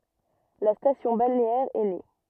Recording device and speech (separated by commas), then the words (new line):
rigid in-ear microphone, read sentence
La station balnéaire est née.